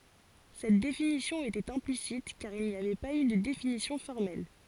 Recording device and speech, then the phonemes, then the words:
forehead accelerometer, read sentence
sɛt definisjɔ̃ etɛt ɛ̃plisit kaʁ il ni avɛ paz y də definisjɔ̃ fɔʁmɛl
Cette définition était implicite, car il n'y avait pas eu de définition formelle.

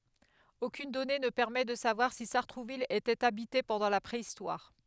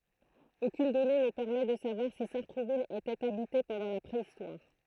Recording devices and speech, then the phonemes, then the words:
headset microphone, throat microphone, read sentence
okyn dɔne nə pɛʁmɛ də savwaʁ si saʁtʁuvil etɛt abite pɑ̃dɑ̃ la pʁeistwaʁ
Aucune donnée ne permet de savoir si Sartrouville était habitée pendant la préhistoire.

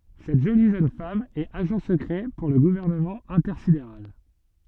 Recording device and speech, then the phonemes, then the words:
soft in-ear microphone, read sentence
sɛt ʒoli ʒøn fam ɛt aʒɑ̃ səkʁɛ puʁ lə ɡuvɛʁnəmɑ̃ ɛ̃tɛʁsideʁal
Cette jolie jeune femme est agent secret pour le Gouvernement intersidéral.

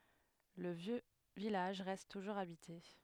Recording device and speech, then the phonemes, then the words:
headset microphone, read sentence
lə vjø vilaʒ ʁɛst tuʒuʁz abite
Le vieux village reste toujours habité.

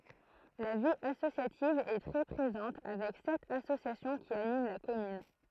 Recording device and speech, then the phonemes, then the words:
throat microphone, read sentence
la vi asosjativ ɛ tʁɛ pʁezɑ̃t avɛk sɛt asosjasjɔ̃ ki anim la kɔmyn
La vie associative est très présente avec sept associations qui animent la commune.

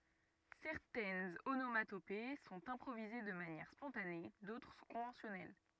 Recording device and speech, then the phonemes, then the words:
rigid in-ear microphone, read sentence
sɛʁtɛnz onomatope sɔ̃t ɛ̃pʁovize də manjɛʁ spɔ̃tane dotʁ sɔ̃ kɔ̃vɑ̃sjɔnɛl
Certaines onomatopées sont improvisées de manière spontanée, d'autres sont conventionnelles.

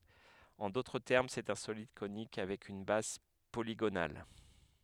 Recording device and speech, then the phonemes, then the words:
headset microphone, read sentence
ɑ̃ dotʁ tɛʁm sɛt œ̃ solid konik avɛk yn baz poliɡonal
En d'autres termes, c'est un solide conique avec une base polygonale.

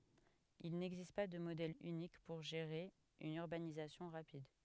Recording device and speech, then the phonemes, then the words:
headset microphone, read sentence
il nɛɡzist pa də modɛl ynik puʁ ʒeʁe yn yʁbanizasjɔ̃ ʁapid
Il n'existe pas de modèle unique pour gérer une urbanisation rapide.

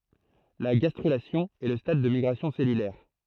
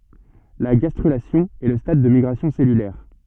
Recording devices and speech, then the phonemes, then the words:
throat microphone, soft in-ear microphone, read sentence
la ɡastʁylasjɔ̃ ɛ lə stad de miɡʁasjɔ̃ sɛlylɛʁ
La gastrulation est le stade des migrations cellulaires.

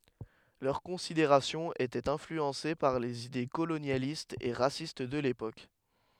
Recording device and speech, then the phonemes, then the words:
headset microphone, read sentence
lœʁ kɔ̃sideʁasjɔ̃z etɛt ɛ̃flyɑ̃se paʁ lez ide kolonjalistz e ʁasist də lepok
Leurs considérations étaient influencées par les idées colonialistes et racistes de l'époque.

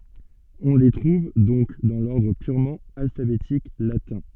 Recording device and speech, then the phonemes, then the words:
soft in-ear microphone, read sentence
ɔ̃ le tʁuv dɔ̃k dɑ̃ lɔʁdʁ pyʁmɑ̃ alfabetik latɛ̃
On les trouve donc dans l'ordre purement alphabétique latin.

